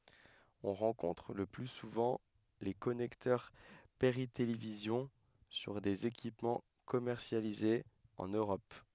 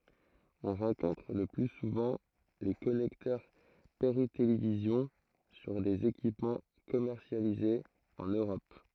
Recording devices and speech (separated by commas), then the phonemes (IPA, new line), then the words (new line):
headset microphone, throat microphone, read sentence
ɔ̃ ʁɑ̃kɔ̃tʁ lə ply suvɑ̃ le kɔnɛktœʁ peʁitelevizjɔ̃ syʁ dez ekipmɑ̃ kɔmɛʁsjalizez ɑ̃n øʁɔp
On rencontre le plus souvent les connecteurs Péritélévision sur des équipements commercialisés en Europe.